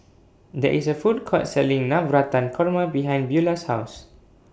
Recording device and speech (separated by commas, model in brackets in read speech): boundary microphone (BM630), read sentence